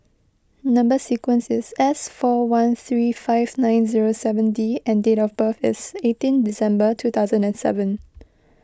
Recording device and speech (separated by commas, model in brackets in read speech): close-talking microphone (WH20), read sentence